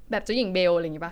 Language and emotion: Thai, neutral